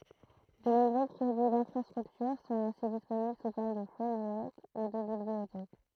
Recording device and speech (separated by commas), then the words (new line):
throat microphone, read sentence
De nombreux produits d'infrastructure sont ainsi disponibles sous forme de framework ou de bibliothèque.